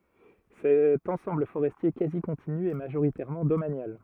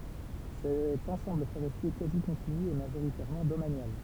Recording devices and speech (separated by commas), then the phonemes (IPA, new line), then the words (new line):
rigid in-ear microphone, temple vibration pickup, read sentence
sɛt ɑ̃sɑ̃bl foʁɛstje kazi kɔ̃tiny ɛ maʒoʁitɛʁmɑ̃ domanjal
Cet ensemble forestier quasi continu est majoritairement domanial.